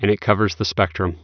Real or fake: real